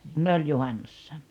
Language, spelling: Finnish, ne oli juhannuksena
- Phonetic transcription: ne oĺ 'juhannussa .

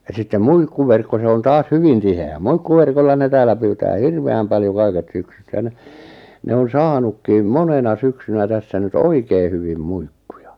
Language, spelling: Finnish, ja sitten muikkuverkko se on taas hyvin tiheä muikkuverkolla ne täällä pyytää hirveän paljon kaiket syksyt sen ne on saanutkin monena syksynä tässä nyt oikein hyvin muikkuja
- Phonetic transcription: ja sittem "muikkuverkko 'se on 'taas "hyvin 'tihe₍ä , 'muikkuverkolla ne 'tääl̆lä pyytää "hirve₍äm 'paljo 'kaiket 'syksyt (sen) , 'ne on 'saanukkiim "monena 'syksynä tässä nyt "oikei hyvim "muikkᴜjᴀ .

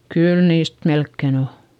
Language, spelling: Finnish, kyllä niistä melkein on
- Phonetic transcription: kyl niist melkken ‿o .

